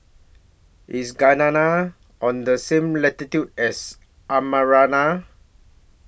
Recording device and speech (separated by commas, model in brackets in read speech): boundary microphone (BM630), read sentence